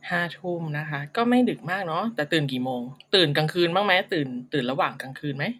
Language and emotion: Thai, neutral